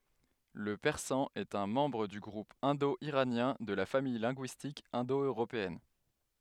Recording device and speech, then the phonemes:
headset microphone, read sentence
lə pɛʁsɑ̃ ɛt œ̃ mɑ̃bʁ dy ɡʁup ɛ̃do iʁanjɛ̃ də la famij lɛ̃ɡyistik ɛ̃do øʁopeɛn

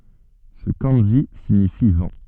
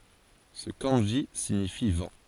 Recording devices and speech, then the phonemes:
soft in-ear microphone, forehead accelerometer, read sentence
sə kɑ̃ʒi siɲifi vɑ̃

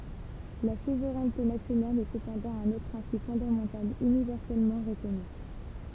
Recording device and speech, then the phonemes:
temple vibration pickup, read sentence
la suvʁɛnte nasjonal ɛ səpɑ̃dɑ̃ œ̃n otʁ pʁɛ̃sip fɔ̃damɑ̃tal ynivɛʁsɛlmɑ̃ ʁəkɔny

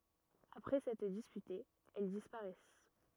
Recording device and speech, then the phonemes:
rigid in-ear microphone, read sentence
apʁɛ sɛtʁ dispytez ɛl dispaʁɛs

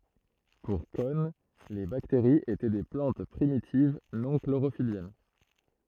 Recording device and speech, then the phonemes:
throat microphone, read sentence
puʁ kɔn le bakteʁiz etɛ de plɑ̃t pʁimitiv nɔ̃ kloʁofiljɛn

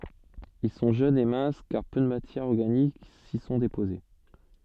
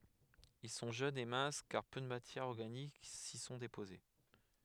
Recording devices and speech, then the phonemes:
soft in-ear microphone, headset microphone, read sentence
il sɔ̃ ʒønz e mɛ̃s kaʁ pø də matjɛʁz ɔʁɡanik si sɔ̃ depoze

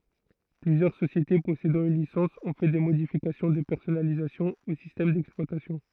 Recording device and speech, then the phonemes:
throat microphone, read sentence
plyzjœʁ sosjete pɔsedɑ̃ yn lisɑ̃s ɔ̃ fɛ de modifikasjɔ̃ də pɛʁsɔnalizasjɔ̃ o sistɛm dɛksplwatasjɔ̃

